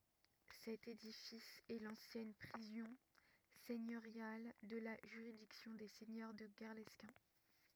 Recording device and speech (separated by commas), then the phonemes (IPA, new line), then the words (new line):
rigid in-ear microphone, read sentence
sɛt edifis ɛ lɑ̃sjɛn pʁizɔ̃ sɛɲøʁjal də la ʒyʁidiksjɔ̃ de sɛɲœʁ də ɡɛʁlɛskɛ̃
Cet édifice est l'ancienne prison seigneuriale de la juridiction des seigneurs de Guerlesquin.